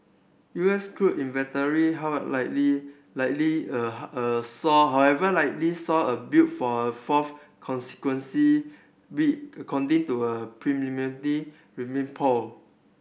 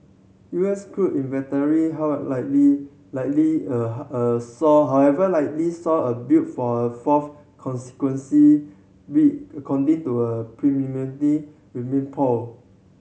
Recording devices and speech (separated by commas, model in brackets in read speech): boundary microphone (BM630), mobile phone (Samsung C7100), read sentence